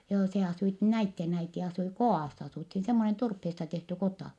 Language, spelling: Finnish, joo se asuivat näiden äiti asui kodassa asuttiin semmoinen turpeesta tehty kota
- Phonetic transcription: joo se asuit , näitten äiti asui ko₍àss asùthin semmonen turpheesta tehty kota .

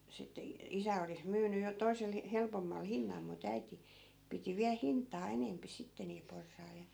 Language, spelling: Finnish, sitten - isä olisi myynyt jo toisella helpommalla hinnalla mutta äiti piti vielä hintaa enempi sitten niillä porsailla ja
- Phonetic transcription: sitte i- , 'isä olis 'myyny jo 'toi̮sel , 'helpommal 'hinnal mu't ‿äiti , piti 'viäl "hint̆taa 'enempi 'sitte niil 'porsai̮l ja .

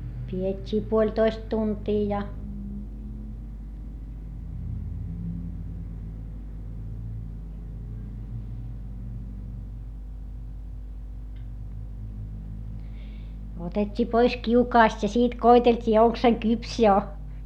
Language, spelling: Finnish, pidettiin puolitoista tuntia ja otettiin pois kiukaasta ja siitä koeteltiin onko se kypsä jo
- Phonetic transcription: pi₍et́t́ii puoĺtoist tuntii ja , otet́t́ii pois kiukaast ja siit koitelt́ii oŋk se kyps jo .

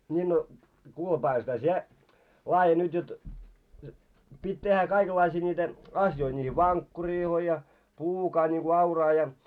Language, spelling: Finnish, niin no kuule Paavali-setä sinä laadi nyt jotta piti tehdä kaikenlaisia niitä asioita niihin vankkureihin ja pluukaa niin kuin auraa ja
- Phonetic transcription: ńii no , 'kuule 'Paavalsetä sie , 'laaje nyt jot , 'pit́ tehhä kaikellaisii ńiitä 'asjoi niihi "vankkuriiloi ja , "pluukaa niŋku auraa ja .

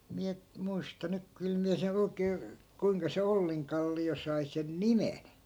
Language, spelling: Finnish, minä muista nyt kyllä minä sen oikein kuinka se Ollinkallio sai sen nimen
- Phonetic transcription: miä , 'muista nyk 'kyl miä se'n ‿oi̮kee , 'kuiŋka se 'olliŋkalli₍o 'sai sen "nimen .

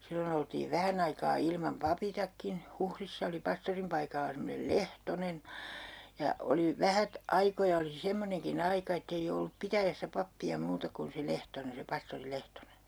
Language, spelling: Finnish, silloin oltiin vähän aikaa ilman papittakin Huhdissa oli pastorin paikalla semmoinen Lehtonen ja oli vähät aikoja oli semmoinenkin aika että ei ollut pitäjässä pappia muuta kuin se Lehtonen se pastori Lehtonen
- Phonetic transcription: 'sillon ‿oltiiv 'vähän ‿aikaa ilmam "papitakkin , 'Huhrissa oli 'pastorim paikalla semmonel "Lehtonen , ja 'oli , "vähät "aikoja oli 'semmoneŋki'n ‿aika ettei ollup "pitäjässä 'pappi₍a 'muuta kun se 'Lehtonen , se 'pastori 'LehtonEN .

